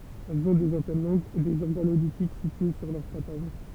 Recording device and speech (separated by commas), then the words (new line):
temple vibration pickup, read sentence
Elles ont des antennes longues, et des organes auditifs situés sur leurs pattes avant.